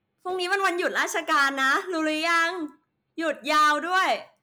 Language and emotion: Thai, happy